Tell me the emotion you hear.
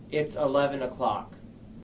neutral